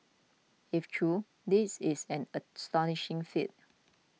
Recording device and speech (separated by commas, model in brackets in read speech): mobile phone (iPhone 6), read sentence